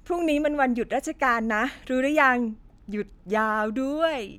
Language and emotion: Thai, happy